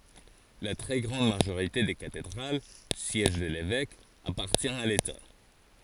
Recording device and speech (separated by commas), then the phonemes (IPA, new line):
forehead accelerometer, read sentence
la tʁɛ ɡʁɑ̃d maʒoʁite de katedʁal sjɛʒ də levɛk apaʁtjɛ̃ a leta